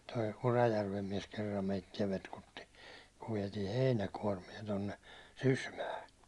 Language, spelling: Finnish, tuo Urajärven mies kerran meitä petkutti kun vietiin heinäkuormia tuonne Sysmään
- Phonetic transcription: toi "Urajärvem miɛs 'kerram 'meittiɛ 'petkutti , kuv viɛtii 'heinäkuårmie tonne , 'Sysmää .

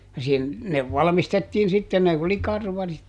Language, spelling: Finnish, ja - ne valmistettiin sitten ne oli karvarit
- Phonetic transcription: ja sin- , ne ˈvalᵃmistettiin sitten - ne oli ˈkarvarit, .

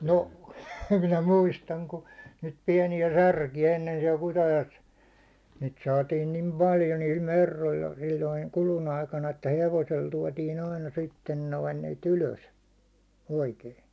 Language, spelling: Finnish, no minä muistan kun niitä pieniä särkiä ennen siellä Kutajoessa niitä saatiin niin paljon niillä merroilla silloin kudun aikana että hevosella tuotiin aina sitten noin niitä ylös oikein
- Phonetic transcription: 'no , 'minä "muistaŋ ku , niit piɛni₍ä 'särki₍ä ennen siɛl 'Kutajo₍es , niit saatiin nim "paljo niil 'merrolla sil̜l̜oiŋ 'kulun ‿aikana , että 'hevosel 'tuåtiin aina 'sitten noin niit 'ylös , 'oikei .

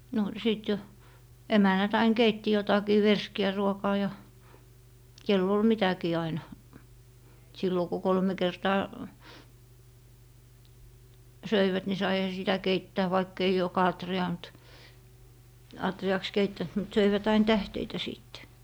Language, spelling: Finnish, no sitten jo emännät aina keitti jotakin verskiä ruokaa ja kenellä oli mitäkin aina silloin kun kolme kertaa söivät niin saihan sitä keittää vaikka ei joka atriaan mutta atriaksi keittänyt mutta söivät aina tähteitä sitten
- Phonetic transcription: no 'sìt jo , "emännät ‿ain 'keitti jotakii "verski₍ä 'ruokaa ja , 'kel'l ‿ol 'mitäkii aina. , sillo ku "kolme 'kertaa , "söivät ni saiha sitä 'keittää vaikk ‿ei 'joka atri₍aa mᵘt , 'atri₍aks 'keittänt mut 'söivät 'ain "tähteitä 'sìtte .

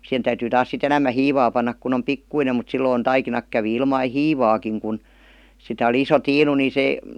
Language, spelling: Finnish, siihen täytyy taas sitten enemmän hiivaa panna kun on pikkuinen mutta silloin taikinat kävi ilman hiivaakin kun sitä oli iso tiinu niin se
- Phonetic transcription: sihen täytyy taas sit 'enämmä "hiivaa pannak kun ‿om "pikkuinem mut 'silloin 'taikinak kävi ilmai "hiivaakiŋ kun , 'sitä oli 'iso 'tiinu ni 'se ,.

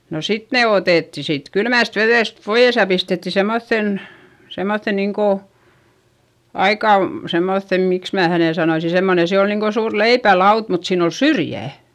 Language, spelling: Finnish, no sitten ne otettiin siitä kylmästä vedestä pois ja pistettiin semmoiseen semmoiseen niin kuin aika semmoiseen miksi minä hänen sanoisin semmoinen se on niin kuin suuri leipälauta mutta siinä on syrjä
- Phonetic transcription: no sit ne otètti siit kylmä̀st veδèst poiʲes ja pistetti semmoϑϑen , semmoϑϑe niiŋ ko , aika , semmoϑϑem miks mää hänè sanoisi - semmone se on niiŋ ko suur leipälaut mut siin ‿o syrjä̀ .

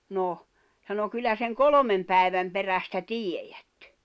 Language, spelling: Finnish, no sanoi kyllä sen kolmen päivän perästä tiedät
- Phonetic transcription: 'no , sano » 'kyllä seŋ "kolomem pä̀i̬väm perästä "tiejät « .

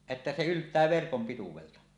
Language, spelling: Finnish, että se yltää verkon pituudelta
- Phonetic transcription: että se 'ylt̀ää verkom pituwelta .

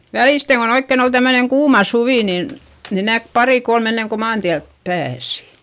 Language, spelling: Finnish, välisten kun oikein oli tämmöinen kuuma suvi niin niin näki pari kolme ennen kuin maantielle pääsi
- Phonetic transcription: välìsteŋ kon ‿oikken ‿ol tämmöneŋ kuuma suvì nin , ni näk parì kolm enneŋ ko maantiälp pääsI .

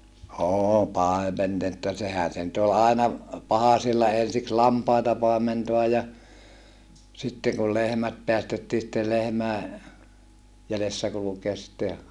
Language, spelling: Finnish, - - sehän se nyt oli aina pahasilla ensiksi lampaita paimentaa ja sitten kun lehmät päästettiin sitten lehmien jäljessä kulkea sitten
- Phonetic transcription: oo paemennetta - sehän̬ se nyt ‿ol àena , pahasilla ensiks lampaita pàementoaj ja , sitteŋ kul lehmät peästettii sittel lehmäe , jälessä kulukeas sitte ,.

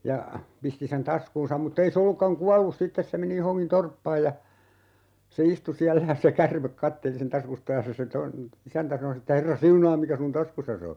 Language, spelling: Finnish, ja pisti sen taskuunsa mutta ei se ollutkaan kuollut sitten se meni johonkin torppaan ja se istui siellä ja se käärme katseli sen taskusta ja se se tuon isäntä sanoi sitten että herra siunaa mikä sinun taskussasi on
- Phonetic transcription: ja , 'pisti sen "taskuunsam mut't ‿ei se 'ollukkaŋ "kuallus 'sittes se meni 'johoŋkin "torppaaj ja , se "istu 'siällä ja se "kärmek 'katteli sen 'taskusta ja se se ton , 'isäntä sano (si että) » 'herra "siunaam mikä sun "taskussas ‿o » .

